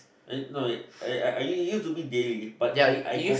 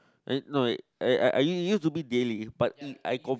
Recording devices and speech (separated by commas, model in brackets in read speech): boundary microphone, close-talking microphone, conversation in the same room